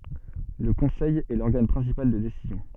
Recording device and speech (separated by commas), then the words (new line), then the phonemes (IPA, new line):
soft in-ear microphone, read sentence
Le Conseil est l'organe principal de décision.
lə kɔ̃sɛj ɛ lɔʁɡan pʁɛ̃sipal də desizjɔ̃